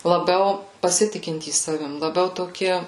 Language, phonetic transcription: Lithuanian, laˈbiau paˈsitikintys ˈsavim laˈbiau toˈki

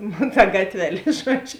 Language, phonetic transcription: Lithuanian, nu ta ˈgatveˌlė ˈžuodžiu

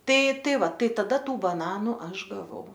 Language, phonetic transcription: Lithuanian, ˈtai ˈtai ˈva ˈtai taˈda ˈtų baˈnanų ˈaš gaˈvau

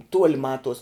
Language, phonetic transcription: Lithuanian, ˈtuoli ˈmatuos

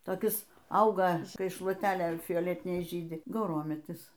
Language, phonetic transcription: Lithuanian, toˈkis ˈauga ˈkai šluoˈtelė fioˈletiniai ˈžydi gauˈrometis

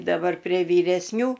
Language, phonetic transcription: Lithuanian, daˈbar prie vyresˈnių

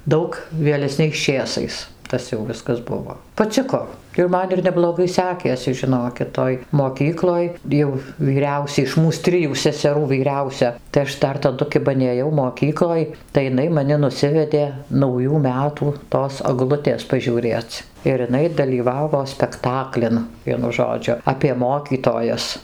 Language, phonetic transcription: Lithuanian, ˈdaug vėleˈsniaisˈčėsais ˈtas jau ˈviskas ˈbuvo paˈciko ir ˈman ir nebloˈgai ˈsekėsi žiˈnokit ˈtoj moˈkykloj jau vyˈriausia iš ˈmūs ˈtrijų seseˈrų vyˈriausia tai ˈaš ˈdar taˈdu ˈkiba nėˈjau moˈkykloj tai iˈnai maˈni nuˈsivedė nauˈjų ˈmetų tos aˈglutės pažiūˈrėc ir iˈnai dalyˈvavo spekˈtaklin ˈvienu ˈžodžiu apie ˈmokytojas

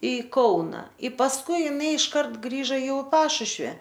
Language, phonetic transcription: Lithuanian, i ˈkauna i pasˈkui iˈnai išˈkart ˈgrįža ˈjau i ˈpašušvi

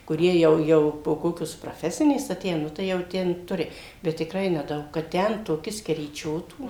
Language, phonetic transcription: Lithuanian, kuˈrie ˈjau ˈjau po ˈkokios praˈfesinės aˈtėję ˈnu tai jau ˈten ˈturi ˈbet tikˈrai neˈdaug kad ˈten toˈki skeryˈčiotų

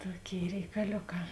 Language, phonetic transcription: Lithuanian, ˈtoˌkėi reikaˈlioˌkā

